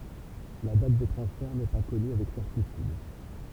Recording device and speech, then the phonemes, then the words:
temple vibration pickup, read sentence
la dat də tʁɑ̃sfɛʁ nɛ pa kɔny avɛk sɛʁtityd
La date de transfert n’est pas connue avec certitude.

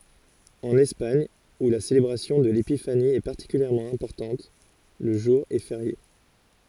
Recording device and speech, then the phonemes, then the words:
forehead accelerometer, read sentence
ɑ̃n ɛspaɲ u la selebʁasjɔ̃ də lepifani ɛ paʁtikyljɛʁmɑ̃ ɛ̃pɔʁtɑ̃t lə ʒuʁ ɛ feʁje
En Espagne, où la célébration de l'Épiphanie est particulièrement importante, le jour est férié.

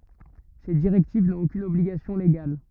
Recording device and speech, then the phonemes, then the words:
rigid in-ear microphone, read sentence
se diʁɛktiv nɔ̃t okyn ɔbliɡasjɔ̃ leɡal
Ces directives n'ont aucune obligation légale.

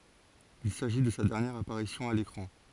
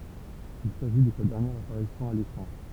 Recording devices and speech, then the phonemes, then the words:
forehead accelerometer, temple vibration pickup, read sentence
il saʒi də sa dɛʁnjɛʁ apaʁisjɔ̃ a lekʁɑ̃
Il s'agit de sa dernière apparition à l'écran.

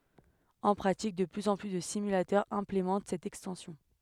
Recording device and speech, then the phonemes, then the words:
headset microphone, read sentence
ɑ̃ pʁatik də plyz ɑ̃ ply də simylatœʁz ɛ̃plemɑ̃t sɛt ɛkstɑ̃sjɔ̃
En pratique, de plus en plus de simulateurs implémentent cette extension.

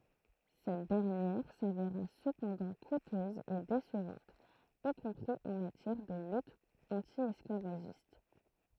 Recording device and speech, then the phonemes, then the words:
throat microphone, read sentence
sɛt dɛʁnjɛʁ saveʁa səpɑ̃dɑ̃ kutøz e desəvɑ̃t i kɔ̃pʁi ɑ̃ matjɛʁ də lyt ɑ̃tjɛsklavaʒist
Cette dernière s'avéra cependant coûteuse et décevante, y compris en matière de lutte anti-esclavagiste.

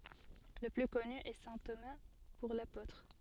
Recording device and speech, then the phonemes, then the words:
soft in-ear microphone, read sentence
lə ply kɔny ɛ sɛ̃ toma puʁ lapotʁ
Le plus connu est saint Thomas pour l'apôtre.

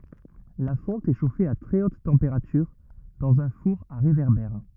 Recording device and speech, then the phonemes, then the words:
rigid in-ear microphone, read sentence
la fɔ̃t ɛ ʃofe a tʁɛ ot tɑ̃peʁatyʁ dɑ̃z œ̃ fuʁ a ʁevɛʁbɛʁ
La fonte est chauffée à très haute température dans un four à réverbère.

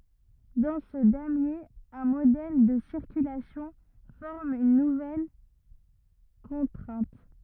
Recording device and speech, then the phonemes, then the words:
rigid in-ear microphone, read sentence
dɑ̃ sə damje œ̃ modɛl də siʁkylasjɔ̃ fɔʁm yn nuvɛl kɔ̃tʁɛ̃t
Dans ce damier, un modèle de circulation forme une nouvelle contrainte.

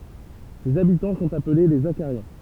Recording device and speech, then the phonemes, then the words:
temple vibration pickup, read sentence
sez abitɑ̃ sɔ̃t aple le zaʃaʁjɛ̃
Ses habitants sont appelés les Zachariens.

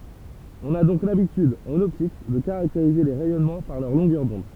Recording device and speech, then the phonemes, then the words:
temple vibration pickup, read sentence
ɔ̃n a dɔ̃k labityd ɑ̃n ɔptik də kaʁakteʁize le ʁɛjɔnmɑ̃ paʁ lœʁ lɔ̃ɡœʁ dɔ̃d
On a donc l'habitude, en optique, de caractériser les rayonnements par leur longueur d'onde.

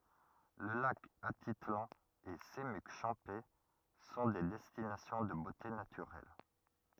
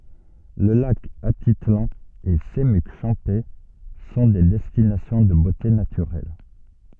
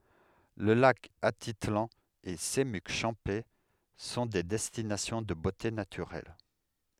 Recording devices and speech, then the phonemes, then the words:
rigid in-ear microphone, soft in-ear microphone, headset microphone, read sentence
lə lak atitlɑ̃ e səmyk ʃɑ̃pɛ sɔ̃ de dɛstinasjɔ̃ də bote natyʁɛl
Le lac Atitlán et Semuc Champey sont des destinations de beautés naturelles.

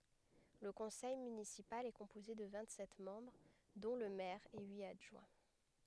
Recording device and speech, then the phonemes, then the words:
headset microphone, read sentence
lə kɔ̃sɛj mynisipal ɛ kɔ̃poze də vɛ̃t sɛt mɑ̃bʁ dɔ̃ lə mɛʁ e yit adʒwɛ̃
Le conseil municipal est composé de vingt-sept membres dont le maire et huit adjoints.

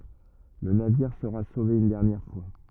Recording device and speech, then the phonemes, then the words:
rigid in-ear microphone, read sentence
lə naviʁ səʁa sove yn dɛʁnjɛʁ fwa
Le navire sera sauvé une dernière fois.

